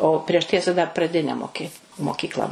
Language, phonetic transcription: Lithuanian, o ˈprieš ˈtiesa dar praˈdine moˈki moˈkykla

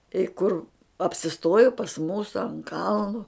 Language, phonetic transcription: Lithuanian, i ˈkur apsiˈstoju pas ˈmūsu ant ˈkalnu

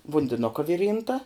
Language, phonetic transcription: Lithuanian, vundiˈnuka ˈviˌrynta

